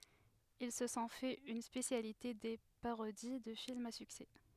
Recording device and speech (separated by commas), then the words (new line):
headset microphone, read sentence
Ils se sont fait une spécialité des parodies de films à succès.